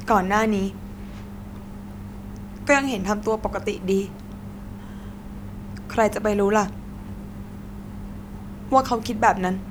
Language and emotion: Thai, sad